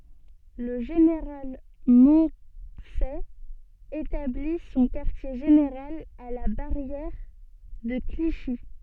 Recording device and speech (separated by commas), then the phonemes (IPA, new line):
soft in-ear microphone, read sentence
lə ʒeneʁal mɔ̃sɛ etabli sɔ̃ kaʁtje ʒeneʁal a la baʁjɛʁ də kliʃi